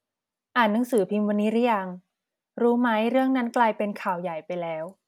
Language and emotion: Thai, neutral